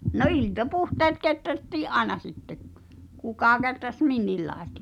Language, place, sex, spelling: Finnish, Pihtipudas, female, no iltapuhteet kehrättiin aina sitten kuka kehräsi minkinlaista
- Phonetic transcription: no 'ilta"puhteet keträttii’ '’aena sitteᵏ , 'kuka keträs "minnillàestᴀ .

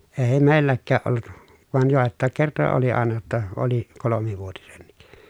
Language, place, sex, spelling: Finnish, Pielisjärvi, male, ei meilläkään ollut vain joitakin kertoja oli aina jotta oli kolmivuotinenkin
- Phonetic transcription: ee mèilläkkääʼ ʼollut , vàen jòet̆tàek kertoja oli àena jotta , oli , kolomivuotinennik .

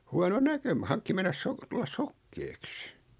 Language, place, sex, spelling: Finnish, Noormarkku, male, huono näkö minä hankki mennä - tulla sokeaksi
- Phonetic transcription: 'huano "näkö 'ma haŋkki 'mennä 'sok- 'tullas "sokkeeks .

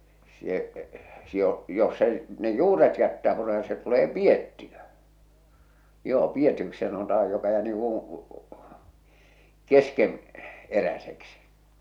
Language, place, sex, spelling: Finnish, Salla, male, se sitten on jos se ne juuret jättää purematta se tulee piettiö joo piettiöksi se sanotaan joka jää niin kuin - keskeneräiseksi
- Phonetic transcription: se , si ‿o , jos se , ne "juuret jättää pureᴍᴀtᴀ se tulee "piettiö , 'joo 'pietiöksi se sanotah̬aj joka jää niiŋ kuṵ , 'keskem̳- , 'eräseksi .

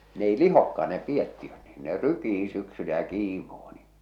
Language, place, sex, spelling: Finnish, Salla, male, ne ei lihokaan ne piettiöt niin ne rykii syksyllä ja kiimoo niin
- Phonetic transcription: n ‿ei "lihokkaa ne "piettiöt ɴɪɪɴ ne "rykii syksylä ja "kiimoo ni .

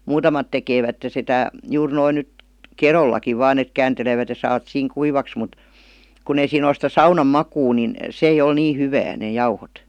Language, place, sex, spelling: Finnish, Vihti, female, muutamat tekevät sitä juuri noin nyt kedollakin vain että kääntelevät ja saavat siinä kuivaksi mutta kun ei siinä ole sitä saunan makua niin se ei ole niin hyvää ne jauhot
- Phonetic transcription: 'muutamat 'tekeevätte se§tä , 'juur noin nyt , "kerol̆laki vaan ‿et 'kääntelevät ja saavat 'siiŋ 'kuivaks mut , kun ‿ei siin ‿ol sⁱtä "saunam "makuu nin , "s ‿eij ‿ol 'nii "hyvää , nè 'jauhot .

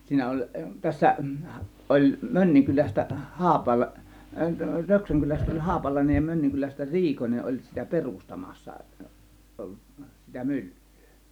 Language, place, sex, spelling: Finnish, Kiihtelysvaara, male, siinä oli tässä oli Mönninkylästä - Röksänkylästä oli Haapalainen ja Mönninkylästä oli Riikonen oli sitä perustamassa ollut sitä myllyä
- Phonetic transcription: 'siinä oĺ , 'tässä , 'ˀoĺ 'Mönniŋkylästä , 'Haapala- , 'Röksäŋkylästä oĺ "Haapalainej ja 'Mönniŋkylästä oĺ "Riikon͕eˀ ˀoĺ sitä "perustamassa , 'ˀollus sitä "myl̀lYY .

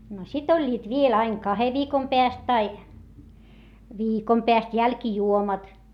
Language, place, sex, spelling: Finnish, Hietamäki, female, no sitten olivat vielä aina kahden viikon päästä tai viikon päästä jälkijuomat
- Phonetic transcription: no sit ‿oĺĺiit viel ‿aiŋ kahe viikom peäst tai , viikom peäst jälkijuomat .

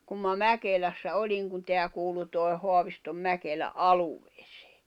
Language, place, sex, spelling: Finnish, Jämsä, female, kun minä Mäkelässä olin kun tämä kuuluu tuon Haaviston Mäkelän alueeseen
- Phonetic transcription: 'kum ma "Mäkelässä 'oĺiŋ kun teä kuulu toi̬ 'Hoavistom "Mäkelä’ "’aluᴠᴇᴇsᴇᴇ .

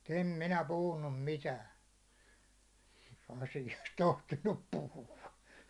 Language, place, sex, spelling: Finnish, Hollola, male, mutta en minä puhunut mitään asiasta tohtinut puhua
- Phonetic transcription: mu't ‿em 'minä puhunnum "mitään̬ , asijast 'tohtinnup 'puhu₍a .

